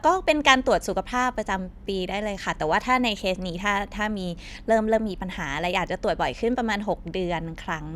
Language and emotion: Thai, neutral